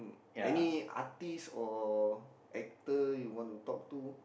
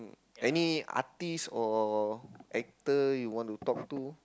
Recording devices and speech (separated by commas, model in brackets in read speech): boundary microphone, close-talking microphone, conversation in the same room